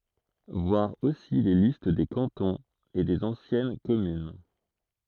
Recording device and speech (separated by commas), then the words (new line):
throat microphone, read sentence
Voir aussi les listes des cantons et des anciennes communes.